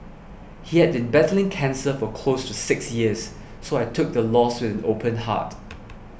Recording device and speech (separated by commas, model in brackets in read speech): boundary microphone (BM630), read sentence